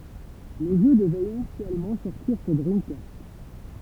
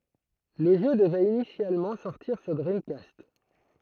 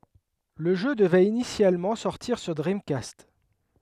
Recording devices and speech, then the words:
temple vibration pickup, throat microphone, headset microphone, read sentence
Le jeu devait initialement sortir sur Dreamcast.

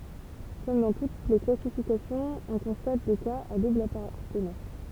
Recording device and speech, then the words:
temple vibration pickup, read sentence
Comme dans toutes les classifications, on constate des cas à double appartenance.

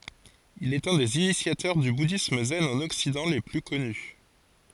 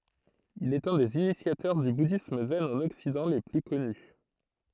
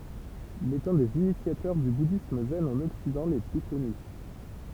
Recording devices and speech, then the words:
forehead accelerometer, throat microphone, temple vibration pickup, read sentence
Il est un des initiateurs du bouddhisme zen en Occident les plus connus.

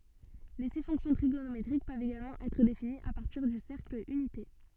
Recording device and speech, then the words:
soft in-ear microphone, read sentence
Les six fonctions trigonométriques peuvent également être définies à partir du cercle unité.

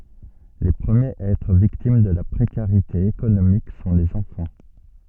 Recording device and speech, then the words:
soft in-ear microphone, read sentence
Les premiers à être victimes de la précarité économique sont les enfants.

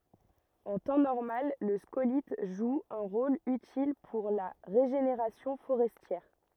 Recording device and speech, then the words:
rigid in-ear microphone, read sentence
En temps normal, le scolyte joue un rôle utile pour la régénération forestière.

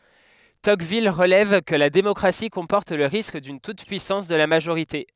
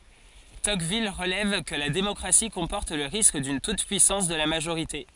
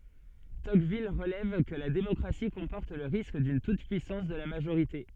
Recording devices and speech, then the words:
headset microphone, forehead accelerometer, soft in-ear microphone, read sentence
Tocqueville relève que la démocratie comporte le risque d'une toute-puissance de la majorité.

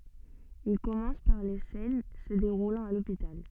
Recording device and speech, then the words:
soft in-ear microphone, read sentence
Il commence par les scènes se déroulant à l’hôpital.

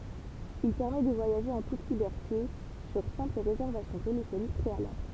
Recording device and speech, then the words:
temple vibration pickup, read sentence
Il permet de voyager en toute liberté sur simple réservation téléphonique préalable.

